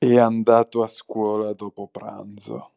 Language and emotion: Italian, disgusted